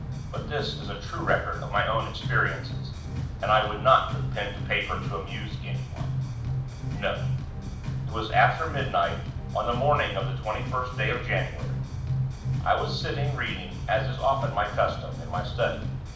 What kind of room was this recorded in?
A mid-sized room.